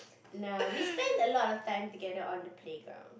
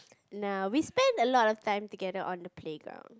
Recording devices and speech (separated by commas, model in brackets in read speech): boundary microphone, close-talking microphone, conversation in the same room